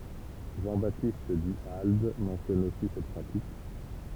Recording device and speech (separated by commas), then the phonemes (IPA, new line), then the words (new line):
temple vibration pickup, read sentence
ʒɑ̃ batist dy ald mɑ̃sjɔn osi sɛt pʁatik
Jean-Baptiste Du Halde mentionne aussi cette pratique.